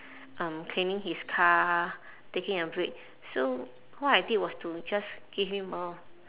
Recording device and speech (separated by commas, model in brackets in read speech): telephone, conversation in separate rooms